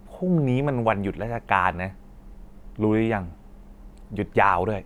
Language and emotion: Thai, frustrated